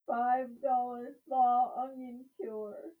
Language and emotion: English, sad